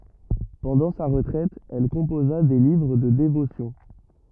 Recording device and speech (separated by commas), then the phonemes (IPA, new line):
rigid in-ear microphone, read sentence
pɑ̃dɑ̃ sa ʁətʁɛt ɛl kɔ̃poza de livʁ də devosjɔ̃